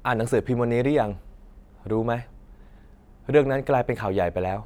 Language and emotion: Thai, neutral